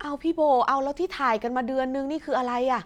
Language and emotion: Thai, frustrated